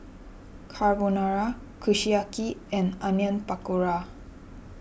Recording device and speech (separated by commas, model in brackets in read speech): boundary microphone (BM630), read sentence